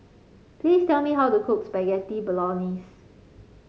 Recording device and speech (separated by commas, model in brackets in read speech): mobile phone (Samsung C5), read sentence